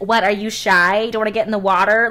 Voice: funny voice